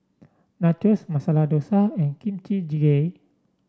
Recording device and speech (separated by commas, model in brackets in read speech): standing microphone (AKG C214), read sentence